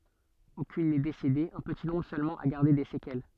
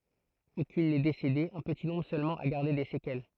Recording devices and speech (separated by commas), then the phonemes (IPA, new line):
soft in-ear microphone, throat microphone, read sentence
okyn nɛ desede œ̃ pəti nɔ̃bʁ sølmɑ̃ a ɡaʁde de sekɛl